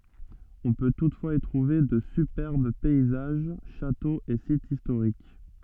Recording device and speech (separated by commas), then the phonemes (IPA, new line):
soft in-ear microphone, read sentence
ɔ̃ pø tutfwaz i tʁuve də sypɛʁb pɛizaʒ ʃatoz e sitz istoʁik